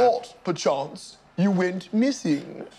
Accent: in English accent